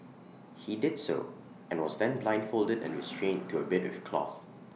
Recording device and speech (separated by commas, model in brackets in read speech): mobile phone (iPhone 6), read sentence